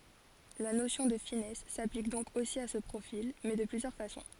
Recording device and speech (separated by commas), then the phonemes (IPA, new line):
forehead accelerometer, read sentence
la nosjɔ̃ də finɛs saplik dɔ̃k osi a sə pʁofil mɛ də plyzjœʁ fasɔ̃